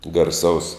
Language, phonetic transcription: Lithuanian, garˈsaus

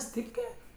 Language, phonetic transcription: Lithuanian, ˈstypkė

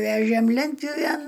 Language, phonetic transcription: Lithuanian, ˈvežėm ˈlentpjuvėn

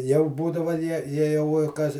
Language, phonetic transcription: Lithuanian, jau ˈbūdava ˈjie ˈjie jau i ˈkas

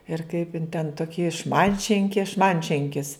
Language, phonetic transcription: Lithuanian, ir kaip in ten ˈtoki ˈšmantšinki ˈšmantšenkis

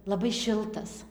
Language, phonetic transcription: Lithuanian, laˈbai ˈšiltas

